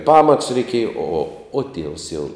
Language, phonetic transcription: Lithuanian, pamatus reiˈkieja o o o tievs jau

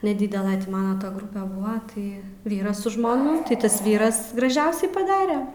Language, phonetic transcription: Lithuanian, neˈdydela ˈtį ˈmana ta ˈgrupe ˈbuva ˈtai ˈvyras su žmoˈnu tai ˈtas ˈvyras graˈžiausiai paˈdare

